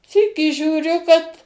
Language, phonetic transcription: Lithuanian, ˈsykį žiūˈriu kad

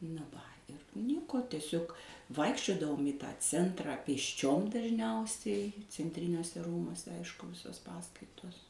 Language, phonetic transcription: Lithuanian, na ˈva ir ˈnieko teˈsiog ˈvaikščiodavom į ˈtą ˈcentrą pėsˈčiom daˈžniausiai cenˈtriniuose ˈrūmuose ˈaišku ˈvisos ˈpaskaitos

